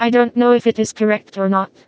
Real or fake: fake